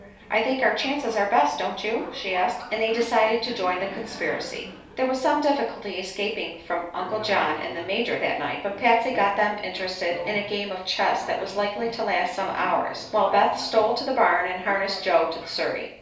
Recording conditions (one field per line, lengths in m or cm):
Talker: one person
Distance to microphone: 3.0 m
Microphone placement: far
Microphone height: 1.8 m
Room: small (3.7 m by 2.7 m)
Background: television